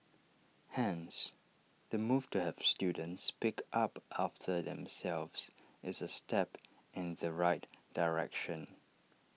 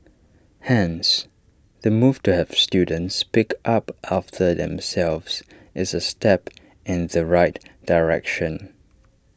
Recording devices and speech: mobile phone (iPhone 6), standing microphone (AKG C214), read sentence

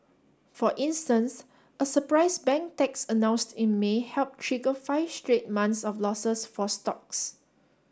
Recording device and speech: standing microphone (AKG C214), read sentence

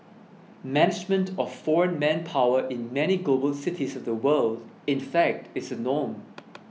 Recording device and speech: mobile phone (iPhone 6), read sentence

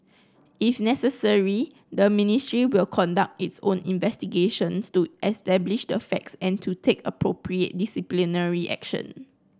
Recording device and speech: close-talking microphone (WH30), read sentence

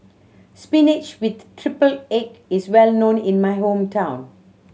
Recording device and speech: mobile phone (Samsung C7100), read sentence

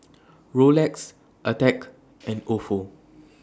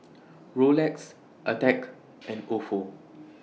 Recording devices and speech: standing microphone (AKG C214), mobile phone (iPhone 6), read sentence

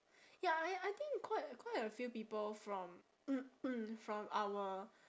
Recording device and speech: standing microphone, conversation in separate rooms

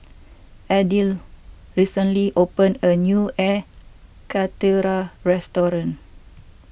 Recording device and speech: boundary microphone (BM630), read sentence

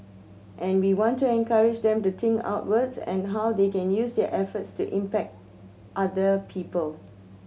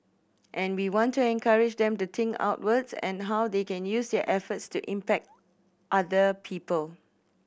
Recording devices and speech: mobile phone (Samsung C7100), boundary microphone (BM630), read sentence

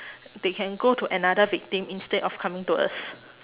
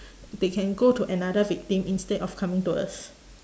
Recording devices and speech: telephone, standing microphone, conversation in separate rooms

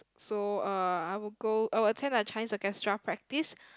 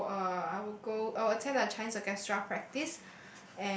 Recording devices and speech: close-talking microphone, boundary microphone, conversation in the same room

